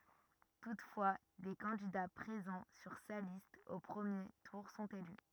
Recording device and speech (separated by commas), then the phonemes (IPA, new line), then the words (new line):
rigid in-ear microphone, read sentence
tutfwa de kɑ̃dida pʁezɑ̃ syʁ sa list o pʁəmje tuʁ sɔ̃t ely
Toutefois, des candidats présents sur sa liste au premier tour sont élus.